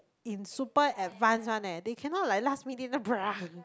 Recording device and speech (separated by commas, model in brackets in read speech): close-talking microphone, conversation in the same room